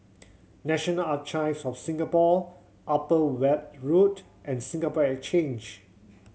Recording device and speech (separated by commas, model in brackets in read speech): mobile phone (Samsung C7100), read sentence